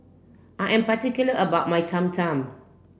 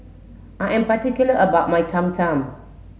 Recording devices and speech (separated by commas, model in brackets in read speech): boundary microphone (BM630), mobile phone (Samsung S8), read sentence